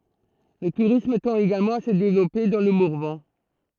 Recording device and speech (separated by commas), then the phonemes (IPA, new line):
throat microphone, read sentence
lə tuʁism tɑ̃t eɡalmɑ̃ a sə devlɔpe dɑ̃ lə mɔʁvɑ̃